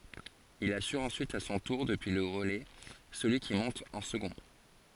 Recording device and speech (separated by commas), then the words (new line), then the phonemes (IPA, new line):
forehead accelerometer, read sentence
Il assure ensuite à son tour, depuis le relais, celui qui monte en second.
il asyʁ ɑ̃syit a sɔ̃ tuʁ dəpyi lə ʁəlɛ səlyi ki mɔ̃t ɑ̃ səɡɔ̃